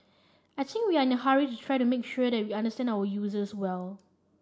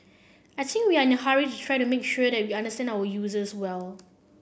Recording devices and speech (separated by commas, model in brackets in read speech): standing microphone (AKG C214), boundary microphone (BM630), read sentence